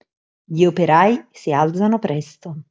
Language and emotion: Italian, neutral